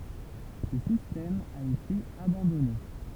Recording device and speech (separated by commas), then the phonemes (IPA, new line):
temple vibration pickup, read sentence
sə sistɛm a ete abɑ̃dɔne